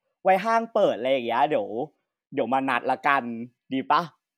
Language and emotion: Thai, happy